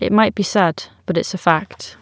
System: none